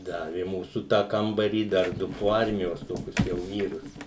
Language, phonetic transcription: Lithuanian, ˈdavi i ˈmūsu tą ˈkambarį dar ˈdu po ˈarmijos ˈtokius jau ˈvyrus

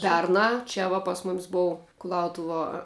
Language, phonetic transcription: Lithuanian, ˈpernā ˈčia va pas mom's' ˈbou kuˈlautuvuo

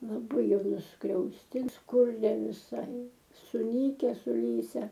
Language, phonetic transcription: Lithuanian, laˈbai ˈjau nuskriausˈtiems ˈkurˈie viˈsai suˈnyke suˈlyse

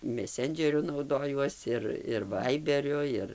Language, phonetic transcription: Lithuanian, meˈsendžeriu nauˈdojuos ir ir ˈvaiberiu ˈir

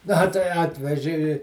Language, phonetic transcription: Lithuanian, ˈna tai ˈatveži i

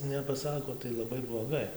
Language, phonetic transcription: Lithuanian, nepaˈsako tai laˈbai bloˈgai

